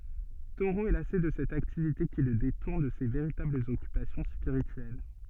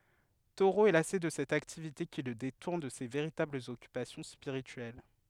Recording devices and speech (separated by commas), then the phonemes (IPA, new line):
soft in-ear microphone, headset microphone, read sentence
toʁo ɛ lase də sɛt aktivite ki lə detuʁn də se veʁitablz ɔkypasjɔ̃ spiʁityɛl